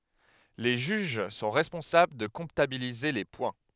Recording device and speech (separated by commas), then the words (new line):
headset microphone, read sentence
Les juges sont responsables de comptabiliser les points.